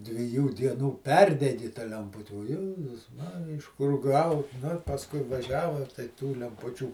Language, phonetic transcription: Lithuanian, dviˈjų ˈdienų ˈperdegi ta lemˈputi o ˈjezus ˈmarija iš kur ˈgau nu ir pasˈkui vaˈžiava tai tų lemˈpučių

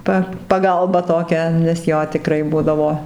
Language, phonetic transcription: Lithuanian, ˈpa paˈgalba toˈkia nes ˈjo tiˈkrai ˈbudavo

